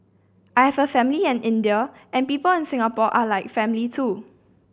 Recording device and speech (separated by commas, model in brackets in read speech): boundary microphone (BM630), read sentence